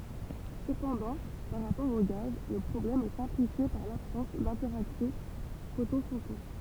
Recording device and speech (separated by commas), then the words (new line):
temple vibration pickup, read sentence
Cependant, par rapport aux gaz, le problème est simplifié par l'absence d'interaction photon-photon.